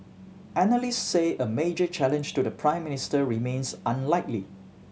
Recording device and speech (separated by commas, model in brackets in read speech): mobile phone (Samsung C7100), read sentence